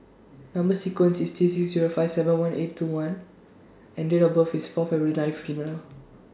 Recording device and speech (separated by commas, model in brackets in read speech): standing microphone (AKG C214), read sentence